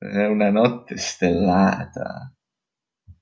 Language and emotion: Italian, disgusted